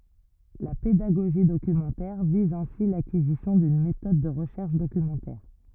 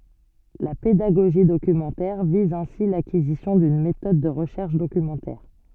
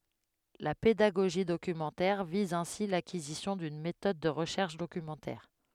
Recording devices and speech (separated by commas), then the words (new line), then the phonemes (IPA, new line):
rigid in-ear microphone, soft in-ear microphone, headset microphone, read sentence
La pédagogie documentaire vise ainsi l’acquisition d’une méthode de recherche documentaire.
la pedaɡoʒi dokymɑ̃tɛʁ viz ɛ̃si lakizisjɔ̃ dyn metɔd də ʁəʃɛʁʃ dokymɑ̃tɛʁ